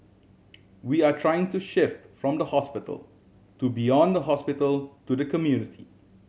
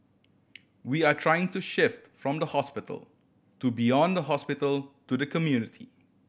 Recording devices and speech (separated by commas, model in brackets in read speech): mobile phone (Samsung C7100), boundary microphone (BM630), read sentence